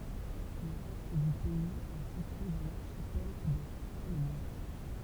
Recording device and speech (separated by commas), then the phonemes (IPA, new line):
temple vibration pickup, read sentence
lə ʁɛst dy pɛiz ɛ sitye dɑ̃ laʁʃipɛl de salomɔ̃